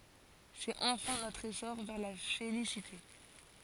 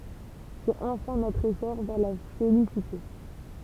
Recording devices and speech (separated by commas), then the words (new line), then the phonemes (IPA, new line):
forehead accelerometer, temple vibration pickup, read sentence
C'est enfin notre essor vers la félicité.
sɛt ɑ̃fɛ̃ notʁ esɔʁ vɛʁ la felisite